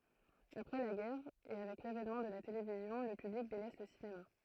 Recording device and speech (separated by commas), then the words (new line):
throat microphone, read sentence
Après la guerre, et avec l'avènement de la télévision, le public délaisse le cinéma.